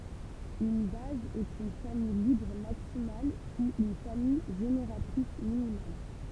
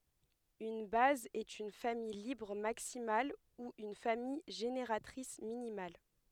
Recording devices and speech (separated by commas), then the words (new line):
temple vibration pickup, headset microphone, read sentence
Une base est une famille libre maximale ou une famille génératrice minimale.